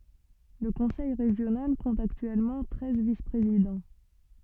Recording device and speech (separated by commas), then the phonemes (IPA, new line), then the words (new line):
soft in-ear microphone, read sentence
lə kɔ̃sɛj ʁeʒjonal kɔ̃t aktyɛlmɑ̃ tʁɛz vispʁezidɑ̃
Le conseil régional compte actuellement treize vice-présidents.